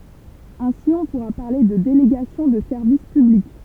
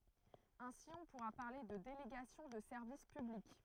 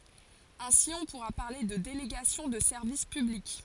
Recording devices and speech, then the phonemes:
temple vibration pickup, throat microphone, forehead accelerometer, read sentence
ɛ̃si ɔ̃ puʁa paʁle də deleɡasjɔ̃ də sɛʁvis pyblik

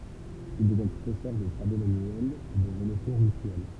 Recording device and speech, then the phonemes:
temple vibration pickup, read sentence
il dəvjɛ̃ pʁofɛsœʁ də tʁavo manyɛlz e də ʒeometʁi ɛ̃dystʁiɛl

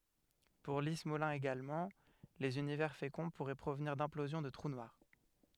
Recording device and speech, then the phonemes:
headset microphone, read sentence
puʁ li smolin eɡalmɑ̃ lez ynivɛʁ fekɔ̃ puʁɛ pʁovniʁ dɛ̃plozjɔ̃ də tʁu nwaʁ

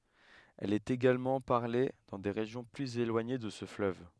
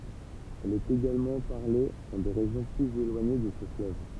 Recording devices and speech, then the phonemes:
headset microphone, temple vibration pickup, read sentence
ɛl ɛt eɡalmɑ̃ paʁle dɑ̃ de ʁeʒjɔ̃ plyz elwaɲe də sə fløv

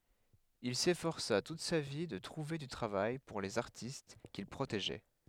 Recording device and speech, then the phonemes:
headset microphone, read sentence
il sefɔʁsa tut sa vi də tʁuve dy tʁavaj puʁ lez aʁtist kil pʁoteʒɛ

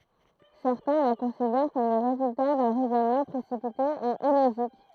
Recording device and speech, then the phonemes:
throat microphone, read sentence
sɛʁtɛ̃ la kɔ̃sidɛʁ kɔm lə ʁezylta dœ̃ ʁɛzɔnmɑ̃ pʁesipite e iloʒik

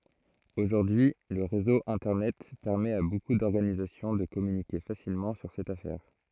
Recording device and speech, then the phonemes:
throat microphone, read sentence
oʒuʁdyi lə ʁezo ɛ̃tɛʁnɛt pɛʁmɛt a boku dɔʁɡanizasjɔ̃ də kɔmynike fasilmɑ̃ syʁ sɛt afɛʁ

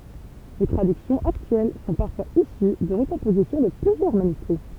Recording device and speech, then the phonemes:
temple vibration pickup, read sentence
le tʁadyksjɔ̃z aktyɛl sɔ̃ paʁfwaz isy də ʁəkɔ̃pozisjɔ̃ də plyzjœʁ manyskʁi

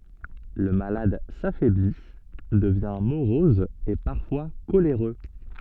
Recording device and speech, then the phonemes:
soft in-ear microphone, read sentence
lə malad safɛbli dəvjɛ̃ moʁɔz e paʁfwa koleʁø

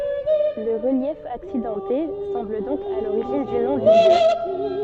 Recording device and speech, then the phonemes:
soft in-ear microphone, read sentence
lə ʁəljɛf aksidɑ̃te sɑ̃bl dɔ̃k a loʁiʒin dy nɔ̃ dy ljø

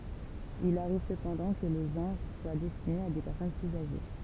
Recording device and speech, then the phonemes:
temple vibration pickup, read sentence
il aʁiv səpɑ̃dɑ̃ kə lə ʒɑ̃ʁ swa dɛstine a de pɛʁsɔn plyz aʒe

